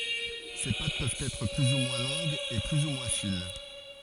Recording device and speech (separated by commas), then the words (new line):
forehead accelerometer, read sentence
Ces pâtes peuvent être plus ou moins longues et plus ou moins fines.